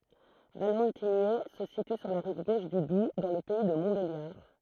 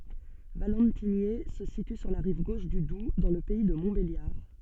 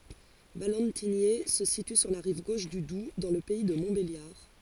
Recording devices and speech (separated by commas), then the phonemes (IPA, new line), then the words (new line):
throat microphone, soft in-ear microphone, forehead accelerometer, read sentence
valɑ̃tiɲɛ sə sity syʁ la ʁiv ɡoʃ dy dub dɑ̃ lə pɛi də mɔ̃tbeljaʁ
Valentigney se situe sur la rive gauche du Doubs dans le pays de Montbéliard.